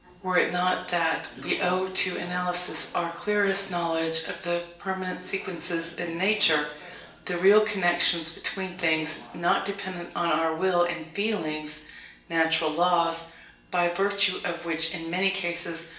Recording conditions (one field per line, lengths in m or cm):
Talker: one person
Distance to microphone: 1.8 m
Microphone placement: close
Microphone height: 1.0 m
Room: large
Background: television